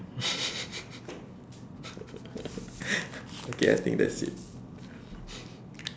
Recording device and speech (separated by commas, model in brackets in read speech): standing microphone, conversation in separate rooms